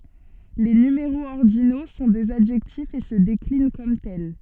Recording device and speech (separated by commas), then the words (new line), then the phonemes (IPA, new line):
soft in-ear microphone, read sentence
Les numéraux ordinaux sont des adjectifs et se déclinent comme tels.
le nymeʁoz ɔʁdino sɔ̃ dez adʒɛktifz e sə deklin kɔm tɛl